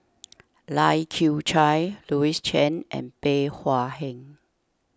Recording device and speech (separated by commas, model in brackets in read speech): standing microphone (AKG C214), read sentence